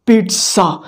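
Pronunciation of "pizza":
'Pizza' is pronounced correctly here, with a t sound in it.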